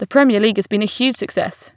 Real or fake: real